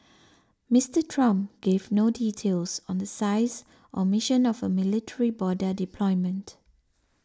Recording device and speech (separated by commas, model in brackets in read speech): standing microphone (AKG C214), read sentence